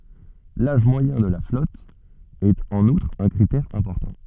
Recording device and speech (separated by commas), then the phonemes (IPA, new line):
soft in-ear microphone, read sentence
laʒ mwajɛ̃ də la flɔt ɛt ɑ̃n utʁ œ̃ kʁitɛʁ ɛ̃pɔʁtɑ̃